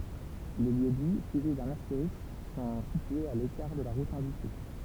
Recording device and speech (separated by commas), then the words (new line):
temple vibration pickup, read sentence
Les lieux-dits suivis d'un astérisque sont situés à l'écart de la route indiquée.